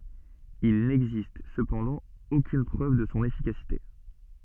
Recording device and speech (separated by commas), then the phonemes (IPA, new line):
soft in-ear microphone, read sentence
il nɛɡzist səpɑ̃dɑ̃ okyn pʁøv də sɔ̃ efikasite